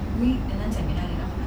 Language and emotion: Thai, frustrated